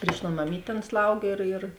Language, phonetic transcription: Lithuanian, pryš ˈton maˈmyt' ˈan ˈslaugė ir ir

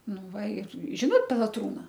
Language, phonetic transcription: Lithuanian, ˈnu ˈva ˈir ˈžinot pelaˈtrūna

